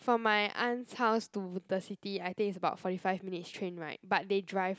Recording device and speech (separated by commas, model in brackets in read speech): close-talking microphone, conversation in the same room